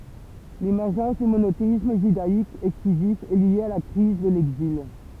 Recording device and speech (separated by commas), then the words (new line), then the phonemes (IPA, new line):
temple vibration pickup, read sentence
L'émergence du monothéisme judaïque exclusif est lié à la crise de l'Exil.
lemɛʁʒɑ̃s dy monoteism ʒydaik ɛksklyzif ɛ lje a la kʁiz də lɛɡzil